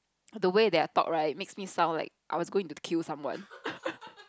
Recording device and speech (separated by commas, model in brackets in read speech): close-talking microphone, conversation in the same room